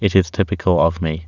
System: none